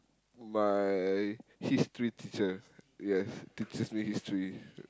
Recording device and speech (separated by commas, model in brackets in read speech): close-talking microphone, conversation in the same room